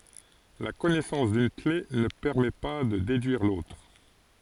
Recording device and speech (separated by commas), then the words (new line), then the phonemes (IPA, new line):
forehead accelerometer, read sentence
La connaissance d'une clef ne permet pas de déduire l'autre.
la kɔnɛsɑ̃s dyn kle nə pɛʁmɛ pa də dedyiʁ lotʁ